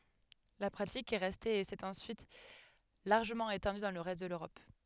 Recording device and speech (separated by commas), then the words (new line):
headset microphone, read sentence
La pratique est restée et s'est ensuite largement étendue dans le reste de l'Europe.